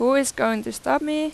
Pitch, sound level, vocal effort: 275 Hz, 89 dB SPL, loud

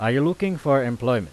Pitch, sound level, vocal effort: 135 Hz, 92 dB SPL, loud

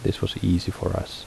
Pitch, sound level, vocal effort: 95 Hz, 70 dB SPL, soft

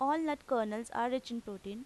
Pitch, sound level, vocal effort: 235 Hz, 88 dB SPL, normal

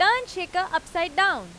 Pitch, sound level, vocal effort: 360 Hz, 97 dB SPL, very loud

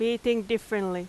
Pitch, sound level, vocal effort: 225 Hz, 88 dB SPL, very loud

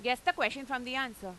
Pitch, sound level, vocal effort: 260 Hz, 96 dB SPL, loud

